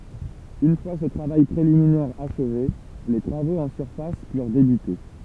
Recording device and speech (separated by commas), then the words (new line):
temple vibration pickup, read sentence
Une fois ce travail préliminaire achevé, les travaux en surface purent débuter.